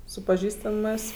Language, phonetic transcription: Lithuanian, su paˈžįstamɜs

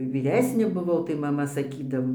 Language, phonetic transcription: Lithuanian, vyˈresnė buˈvau tai maˈma saˈkydavo

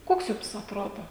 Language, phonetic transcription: Lithuanian, ˈkoks ˈjums atˈrodo

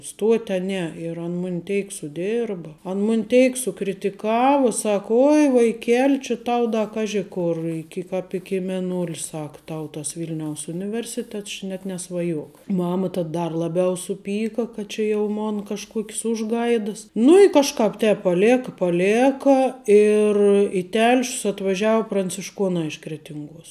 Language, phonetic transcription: Lithuanian, ˈstuot' a ˈne ir ˈan ˈmun' ˈteik suˈdėrba ˈan ˈmun' ˈteik sukritiˈkavo ˈsak ˈoi vaiˈkeli či ˈtau ˈda ˈkaži kur ˈiki ˈkāp iki mėˈnul' ˈsak ˈtau tas ˈvilniaus ˈuniˌversitets ˈči net nesvaˈjok ˈmama tad ˈdar laˈbiau suˈpyka kad čia ˈjau ˈmona kažˈkuokis ˈužˌgaidas ˈnu i kažˈkāp ˈtēp paˈlėka paˈlėka ir i ˈtelšius atvaˈžiau prancišˈkuonā iš kretinˈguos

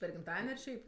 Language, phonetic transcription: Lithuanian, per gimˈtaden' ar ˈšiaip

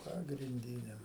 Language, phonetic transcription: Lithuanian, pagrinˈdyne

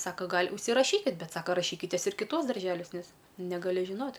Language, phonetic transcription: Lithuanian, ˈsaka ˈgal' užsiˈrašykit ˈbet ˈsaka raˈšykitės ir kiˈtuos darˈželiuos ˈnes negaˈli žiˈnot'

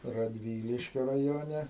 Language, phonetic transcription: Lithuanian, radˈvyliškio raˈjone

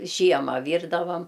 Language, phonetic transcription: Lithuanian, ˈžiema ˈvyrdavam

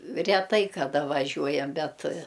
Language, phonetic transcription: Lithuanian, reˈtai kaˈda vaˈžiuojam ˈbet

